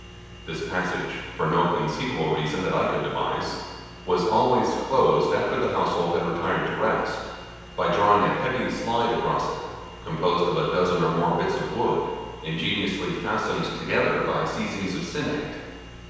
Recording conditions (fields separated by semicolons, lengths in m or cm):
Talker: one person; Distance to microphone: 7.1 m; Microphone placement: far; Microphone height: 1.7 m; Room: very reverberant, large; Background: none